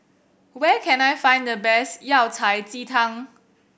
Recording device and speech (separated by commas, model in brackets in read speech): boundary microphone (BM630), read sentence